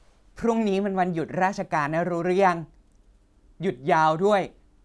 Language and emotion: Thai, frustrated